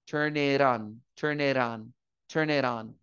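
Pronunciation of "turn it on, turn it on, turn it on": In 'turn it on', the n of 'turn' runs into 'it', making a 'turn-ne' syllable. The t is a flat T, like a little flap, joined to 'on', and the o sounds like an a, so the end sounds like 'ran'.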